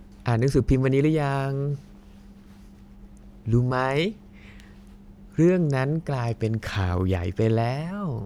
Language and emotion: Thai, happy